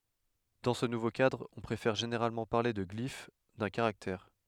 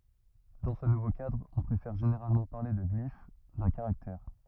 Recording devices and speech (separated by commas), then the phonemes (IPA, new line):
headset microphone, rigid in-ear microphone, read sentence
dɑ̃ sə nuvo kadʁ ɔ̃ pʁefɛʁ ʒeneʁalmɑ̃ paʁle də ɡlif dœ̃ kaʁaktɛʁ